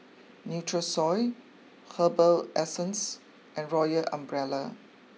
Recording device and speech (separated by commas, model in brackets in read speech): mobile phone (iPhone 6), read sentence